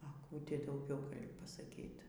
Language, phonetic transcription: Lithuanian, a ˈkų ˈti dauˈgiau pasaˈkyt

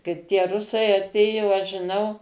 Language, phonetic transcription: Lithuanian, ˈkaip tie ˈrusai aˈtėjo ˈaš žiˈnau

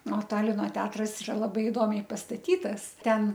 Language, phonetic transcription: Lithuanian, o ˈtalino ˈteatras iˈra laˈbai iˈdomiai pastaˈtytas ˈten

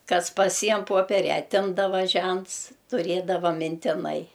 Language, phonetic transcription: Lithuanian, ˈkas paˈsiem ˈpoperia aˈtimdava ˈžents tuˈrėdava mintiˈnai

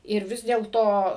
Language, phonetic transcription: Lithuanian, ir ˈvis dėlˈto

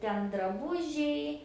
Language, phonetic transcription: Lithuanian, ˈten draˈbužiai

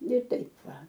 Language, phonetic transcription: Lithuanian, ne ˈtaip ˈva

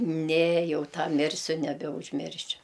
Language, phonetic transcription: Lithuanian, ne ˈjau ˈtą ˈmirsiu nebeužˈmiršiu

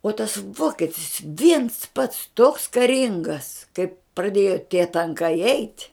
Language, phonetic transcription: Lithuanian, o tas ˈvoketis viens pats toks kaˈringas kaip praˈdėjo tie tanˈkai eit'

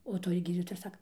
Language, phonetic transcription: Lithuanian, o ˈtoj ˈgydytoja ir ˈsaka

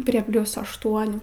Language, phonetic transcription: Lithuanian, prie ˈplius ašˈtuonių

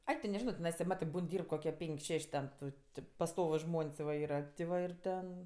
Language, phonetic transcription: Lithuanian, ˈai ti neˈžino ˈnes ti ˈmatɜ ˈbūn ˈdyrb kokie ˈpenk' ˈšeš' ten ˈtu ti pasˈtovus ˈžmon's' va ˈyra ti ˈva ir ˈten

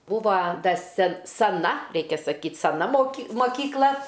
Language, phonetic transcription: Lithuanian, ˈbūva ˈda se saˈna ˈreikia saˈkyt saˈna moˈky mokykˈla

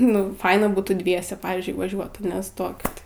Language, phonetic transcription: Lithuanian, nu ˈfaina ˈbūtų ˈdviese ˈpavyzdžiui vaˈžiuot aˈne ˈstokit

